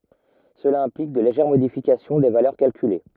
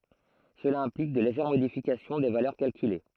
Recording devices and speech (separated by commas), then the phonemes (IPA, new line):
rigid in-ear microphone, throat microphone, read sentence
səla ɛ̃plik də leʒɛʁ modifikasjɔ̃ de valœʁ kalkyle